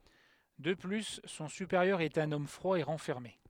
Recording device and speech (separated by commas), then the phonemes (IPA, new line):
headset microphone, read sentence
də ply sɔ̃ sypeʁjœʁ ɛt œ̃n ɔm fʁwa e ʁɑ̃fɛʁme